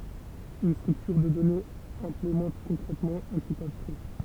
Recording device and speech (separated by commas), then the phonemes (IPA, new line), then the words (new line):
temple vibration pickup, read sentence
yn stʁyktyʁ də dɔnez ɛ̃plemɑ̃t kɔ̃kʁɛtmɑ̃ œ̃ tip abstʁɛ
Une structure de données implémente concrètement un type abstrait.